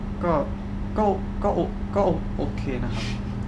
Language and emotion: Thai, neutral